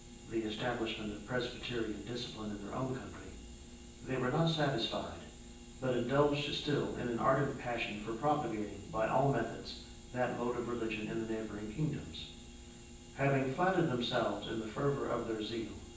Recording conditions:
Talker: one person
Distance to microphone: 9.8 m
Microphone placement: far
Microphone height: 1.8 m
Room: large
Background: none

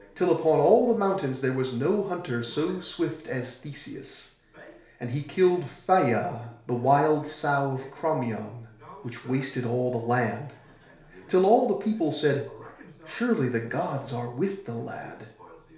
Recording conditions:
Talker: one person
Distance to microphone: 1.0 m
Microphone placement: close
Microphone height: 1.1 m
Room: small (3.7 m by 2.7 m)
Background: television

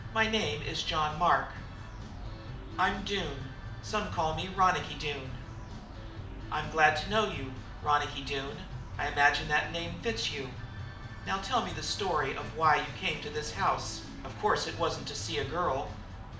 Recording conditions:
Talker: one person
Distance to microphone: 2.0 m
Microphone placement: close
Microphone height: 99 cm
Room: medium-sized (5.7 m by 4.0 m)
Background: music

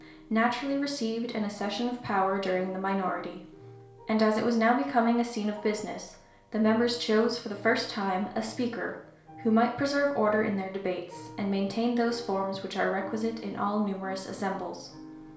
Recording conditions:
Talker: one person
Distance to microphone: 1.0 m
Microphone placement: close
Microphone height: 1.1 m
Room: small (3.7 m by 2.7 m)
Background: music

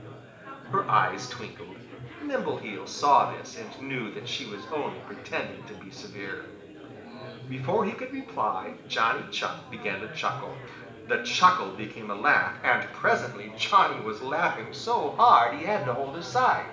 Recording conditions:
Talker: one person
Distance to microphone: 1.8 m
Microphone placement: close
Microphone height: 1.0 m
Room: large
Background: babble

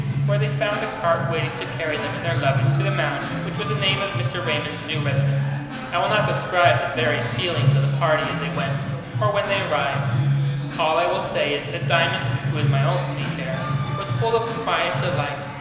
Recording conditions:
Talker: one person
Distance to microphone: 1.7 m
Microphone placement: close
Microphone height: 1.0 m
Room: very reverberant, large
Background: music

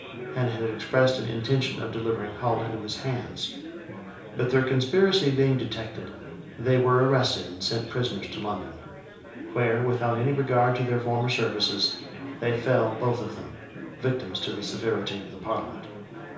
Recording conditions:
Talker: one person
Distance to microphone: 3.0 m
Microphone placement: far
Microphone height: 1.8 m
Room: small (3.7 m by 2.7 m)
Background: babble

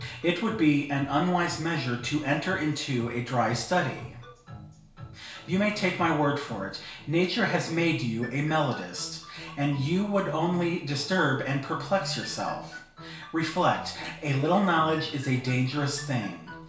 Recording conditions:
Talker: one person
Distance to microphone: 1.0 m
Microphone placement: close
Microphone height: 1.1 m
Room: small (3.7 m by 2.7 m)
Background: music

